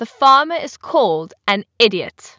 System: none